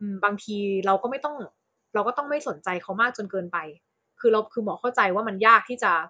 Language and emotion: Thai, neutral